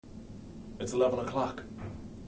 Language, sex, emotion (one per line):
English
male
neutral